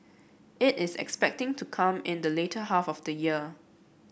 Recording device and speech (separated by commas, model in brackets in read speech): boundary microphone (BM630), read sentence